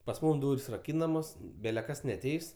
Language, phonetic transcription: Lithuanian, pas ˈmūm ˈdūr's' raˈkynamos bele ˈkas neaˈteis

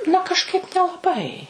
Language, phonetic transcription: Lithuanian, na kažˈkaip nelaˈbai

